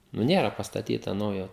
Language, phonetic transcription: Lithuanian, nu ˈnėra pastaˈtyta ˈnaujo

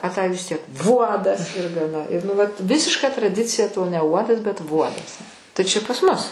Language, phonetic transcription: Lithuanian, a tai vis ˈtiek ˈvuodas ir gaˈna i nu ˈvat ˈvisiška traˈdicija to ne ˈuodas bet ˈvuodas tai ˈčia pas ˈmus

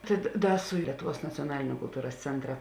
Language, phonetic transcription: Lithuanian, tai da ˈda su ˈlietuˌvuos nacioˈnaliniu kulˈtūras ˈcentra

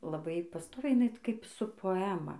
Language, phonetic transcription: Lithuanian, laˈbai paˈstoviai jiˈnai kaip su poˈema

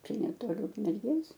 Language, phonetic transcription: Lithuanian, ˈčia neˈtoli ukmerˈgės

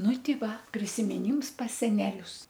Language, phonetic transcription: Lithuanian, ˈnu ˈti ˈva prisimiˈnyms pas seˈnelius

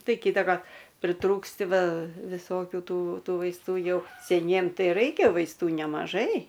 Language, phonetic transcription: Lithuanian, ˈtai ˈkytakar priˈtrūksti ˈva viˈsokiu ˈtų ˈtų vaisˈtų ˈjau seˈniem ˈtai ˈraikia vaisˈtų nemaˈžai

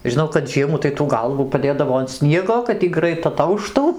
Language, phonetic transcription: Lithuanian, žiˈnau kad ˈžiemų tai tų ˈgalvų paˈdėdavo an ˈsniego kad ˈy ˈgrait aˈtauštų

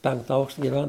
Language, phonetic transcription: Lithuanian, ˈpenkta ˈaukšta giˈven

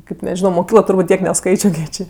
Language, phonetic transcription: Lithuanian, ˈkaip neˈžino moˈkyklo turˈbūt' ˈtiek neˈskaičio kiek ˈčė

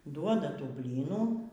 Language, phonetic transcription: Lithuanian, ˈduoda ˈtų ˈblynų

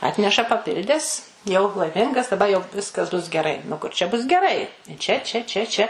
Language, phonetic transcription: Lithuanian, ˈatneša paˈpildes jau laiˈmingas daˈba jau ˈviskas bus geˈrai nu ˈkur čia bus geˈrai ˈčia čia ˈčia čia

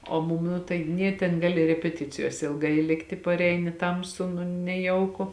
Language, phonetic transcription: Lithuanian, o ˈmum ˈnu tai ˈnė ten ˈgali repeˈticijose ilˈgai ˈlikti parˈeini ˈtamsu nu neˈjauku

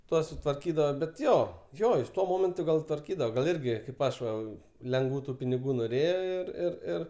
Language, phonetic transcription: Lithuanian, ˈtuos sutvarˈkydava bet ˈjo ˈjo jis ˈtuo ˈmomentu gal tvarˈkydava gal ˈirgi kaip ˈaš va lengˈvų tu piniˈgų noˈrėjo ir ir ˈir

